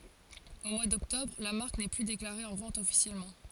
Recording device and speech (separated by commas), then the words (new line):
forehead accelerometer, read sentence
Au mois d'Octobre, la marque n'est plus déclarée en vente officiellement.